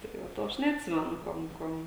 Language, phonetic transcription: Lithuanian, tai ˈva ˈto ˈaš neatˈsimenu ˈkuom ˈkuom

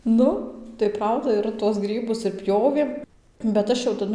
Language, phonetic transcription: Lithuanian, ˈnu tai ˈprauda ir tuos ˈgrybus ir ˈpjovėm bet ˈaš jau taˈdu

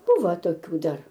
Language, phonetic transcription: Lithuanian, ˈbuva toˈkių ˈdar

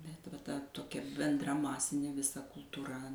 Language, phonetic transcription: Lithuanian, bet va ˈta toˈkia benˈdra ˈmasinė viˈsa kultūˈra

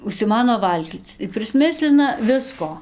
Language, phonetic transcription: Lithuanian, užsiˈmano ˈvalgyc ir prisˈmislina ˈvisko

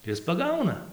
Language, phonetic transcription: Lithuanian, ˈis paˈgauna

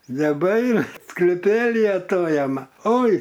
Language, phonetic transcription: Lithuanian, neˈbaina skliˈpeli aˈtojam ˈoi

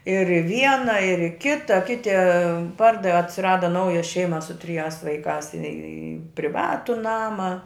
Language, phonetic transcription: Lithuanian, ir i ˈviena ir i ˈkita ˈkiti ˈpardavi atsiˈrada ˈnauja ˈšeima su triˈjās vaiˈkās i priˈvatu ˈnama

